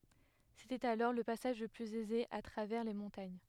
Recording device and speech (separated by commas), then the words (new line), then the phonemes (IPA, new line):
headset microphone, read sentence
C'était alors le passage le plus aisé à travers les montagnes.
setɛt alɔʁ lə pasaʒ lə plyz ɛze a tʁavɛʁ le mɔ̃taɲ